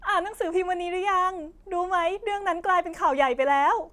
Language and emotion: Thai, happy